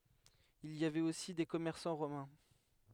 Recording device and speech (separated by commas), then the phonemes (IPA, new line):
headset microphone, read sentence
il i avɛt osi de kɔmɛʁsɑ̃ ʁomɛ̃